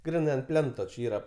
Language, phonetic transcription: Lithuanian, ˈgrinai ant ˈplento či ˈyra

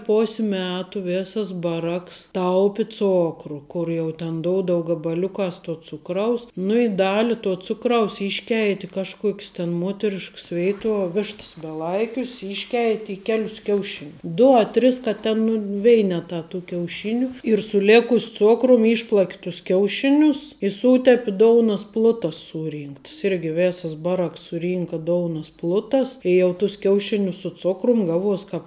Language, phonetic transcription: Lithuanian, ˈpos' ˈmetu ˈvėsas ˈbaˌraks ˈtaupi ˈcokru ˈkur jau ten ˈdoudou gabaˈliukās to ˈcukraus nu i ˈdali to ˈcukraus ˈišˌkeit' i kažˈkuok's tin ˈmuoterišks ˈveituo ˈvišts beˈlaikius ˈišˌkeit' i ˈkelius ˈkiaušin' ˈdu a ˈtris ka ˈten nu ˈveinetā tu kiauˈšiniu ir su ˈlėkus' ˈcokrum ˈyšplak' tus ˈkiauˌšinius i ˈsūtepi ˈdounas ˈplutas ˈsūˌrynktəs ˈirgi ˈvesas ˈbaˌraks suˈrynka ˈdounus ˈplutas i jau tus ˈkiaušinius su ˈcokrum ˈgaˌvuos ˈkāp

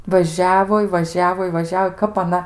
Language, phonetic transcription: Lithuanian, vaˈžiavo i vaˈžiavo i vaˈžiavo ˈkap aˈna

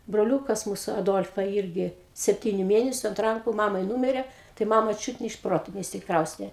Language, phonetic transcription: Lithuanian, broˈliukas ˈmūsu aˈdolfa ˈirgi sepˈtyniu ˈmėnesiu ant ˈranku ˈmamai ˈnūmire tai ˈmama ˈčiūt ne iš ˈproto neišsikˈraustė

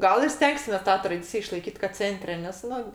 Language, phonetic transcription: Lithuanian, ˈgal ir ˈstengsimės ˈtą traˈdicija išlaiˈkyt kad ˈcentre nes ˈnu

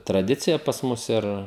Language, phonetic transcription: Lithuanian, traˈdicija pas ˈmus ˈir

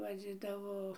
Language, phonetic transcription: Lithuanian, vaˈdzidavo

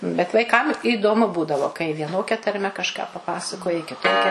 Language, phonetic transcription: Lithuanian, bet vaiˈkam įdoˈmu ˈbūdavo kai vieˈnokia tarˈme kažˈką paˈpasakoji kiˈtokia

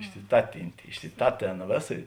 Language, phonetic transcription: Lithuanian, išsiˈtatintė išsiˈtatėn ˈvėˌsa

